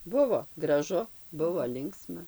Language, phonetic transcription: Lithuanian, ˈbuvo graˈžu ˈbuvo ˈlinksma

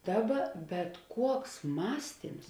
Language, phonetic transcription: Lithuanian, ˈdaˌba bet ˈkuoks ˈmąstyms

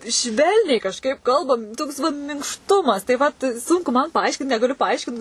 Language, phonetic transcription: Lithuanian, ˈšvelniai kažˈkaip ˈkalbam ˈtoks ˈvat minkšˈtumas tai ˈvat ˈsunku man paˈaiškint negaˈliu paˈaiškint

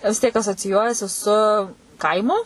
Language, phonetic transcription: Lithuanian, vis ˈtiek asociˈjuojasi su ˈkaimu

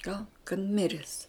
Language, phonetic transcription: Lithuanian, gaun kad ˈmires

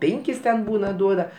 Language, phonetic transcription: Lithuanian, ˈpėnkis ten ˈbūna ˈduoda

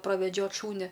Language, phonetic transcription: Lithuanian, praveˈdžiot ˈšūnia

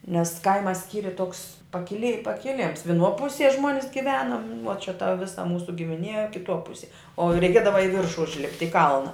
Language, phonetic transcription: Lithuanian, nes ˈkaima ˈskyri toks pakiˈli pakiˈlims viˈnuo ˈpusie ˈžmuonis giˈvenum nu o čia ta ˈvisa ˈmūsu gimiˈnie kiˈtuo ˈpusie o reiˈkėdava i ˈviršu užˈlipt' i ˈkalna

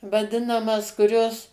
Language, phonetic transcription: Lithuanian, vaˈdinamas kuˈrios

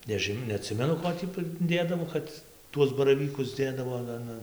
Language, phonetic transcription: Lithuanian, neˈžin neaˈtsimenu ˈko tį priˈdėdavo ˈkad ˈtuos baraˈvykus ˈdėdavo an ˈan ˈan

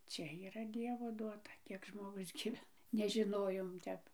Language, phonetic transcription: Lithuanian, ˈčia yˈra ˈdievo ˈduota ˈkiek žmoˈgus gyˈvena nežiˈnojom ˈtep

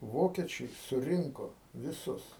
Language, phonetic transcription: Lithuanian, ˈvokečiai suˈrinko viˈsus

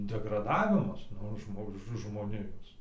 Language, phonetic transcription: Lithuanian, degraˈdavimas ˈnu ˈžmo žmoˈnijos

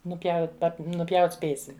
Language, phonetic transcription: Lithuanian, nuˈpjaut nuˈpjaut' ˈspėsim

